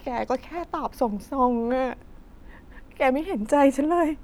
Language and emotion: Thai, sad